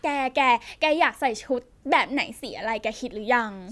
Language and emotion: Thai, neutral